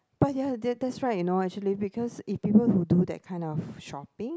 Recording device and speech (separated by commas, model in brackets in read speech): close-talking microphone, conversation in the same room